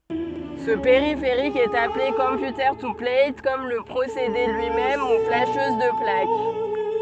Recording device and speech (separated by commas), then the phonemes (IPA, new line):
soft in-ear microphone, read sentence
sə peʁifeʁik ɛt aple kɔ̃pjutəʁ tu plɛjtkɔm lə pʁosede lyi mɛm u flaʃøz də plak